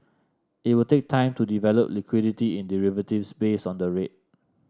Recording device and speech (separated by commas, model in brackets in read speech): standing microphone (AKG C214), read sentence